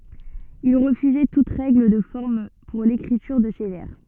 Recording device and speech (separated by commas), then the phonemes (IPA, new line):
soft in-ear microphone, read sentence
il ʁəfyzɛ tut ʁɛɡl də fɔʁm puʁ lekʁityʁ də se vɛʁ